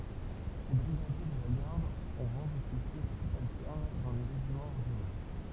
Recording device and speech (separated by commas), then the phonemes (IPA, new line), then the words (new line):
temple vibration pickup, read sentence
se bʁiɡadje də la ɡaʁd ɔ̃ ʁɑ̃ dɔfisje sybaltɛʁn dɑ̃ le ʁeʒimɑ̃z ɔʁdinɛʁ
Ces brigadiers de la garde ont rang d'officier subalterne dans les régiments ordinaires.